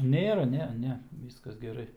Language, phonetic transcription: Lithuanian, ˈnėra ˈne ˈne ˈvyskas geˈrai

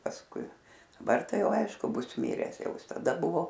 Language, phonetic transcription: Lithuanian, pasˈkui daˈbar ˈtai ˈjau ˈaišku ˈbus ˈmires ˈjau ˈjis taˈda ˈbuvo

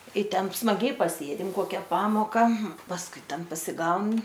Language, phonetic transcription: Lithuanian, i ˈten smaˈgiai paˈsėdim ˈkokia ˈpamoka pasˈkui ˈten pasiˈgaun

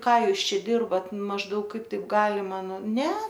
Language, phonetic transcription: Lithuanian, ˈką ˈjūs ˈčia ˈdirbat mažˈdaug ˈkaip ˈtaip ˈgalima nu ˈne

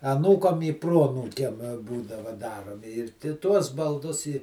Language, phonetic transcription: Lithuanian, aˈnūkam i ˈproanūkiam ˈbūdava ˈdaromi ir ti tuos balˈdus i

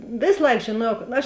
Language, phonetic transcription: Lithuanian, ˈvės ˈlaik žėˈnuojau aš

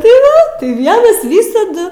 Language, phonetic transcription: Lithuanian, tai ˈva ˈvienas ˈvysadu

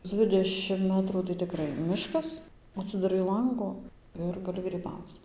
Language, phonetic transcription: Lithuanian, ˈdzvidešim ˈmetrų tai tiˈkrai ˈmiškas atsidaˈrai ˈlangu ˈir gaˈli gryˈbauc

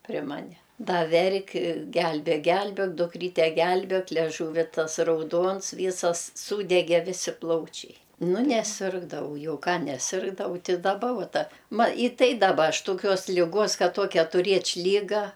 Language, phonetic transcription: Lithuanian, pri ˈmane ˈda ˈverk' ˈgelbėk ˈgelbėk duˈkryte ˈgelbėk leˈžūvi ˈtas rauˈduons ˈvysas ˈsūdege ˈvisi ˈplaučiai ˈnu neˈsirgdavau ˈjau ˈką neˈsirgdavau ti daˈba ˈvuo ˈta ˈma i ˈtai daˈba ˈaš toˈkios ˈligos ˈkad ˈtokia tuˈrėč' ˈlyga

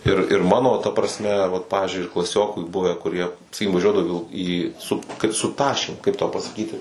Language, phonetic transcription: Lithuanian, ir ir ˈmano ta prasˈme vat ˈpavizdžiui ir klaˈsioku ˈbuve kuˈrie saˈkykim vaˈžiuodavu į vil į sup kad su ˈtašėm kaip tau pasaˈkyti

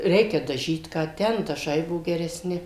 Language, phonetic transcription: Lithuanian, ˈreikia daˈžyt ˈką ˈten daˈžai ˈbuo gereˈsni

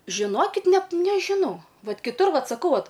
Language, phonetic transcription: Lithuanian, žiˈnokit ˈnet nežiˈnau ˈvat kiˈtur ˈvat saˈkau ˈvat

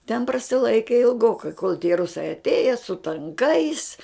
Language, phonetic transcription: Lithuanian, ten prasiˈlaiki ilˈgokai kol tie ˈrusai atˈėja su tanˈkais

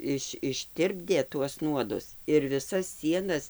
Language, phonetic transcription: Lithuanian, ˈiš išˈtirpdė tuos ˈnuodus ir viˈsas ˈsienas

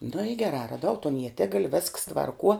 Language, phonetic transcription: Lithuanian, nu i geˈrā raˈdau ton ieˈtigal' vesks tvarˈkuo

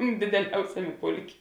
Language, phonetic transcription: Lithuanian, dideˈliausiamė ˈpulˌkė

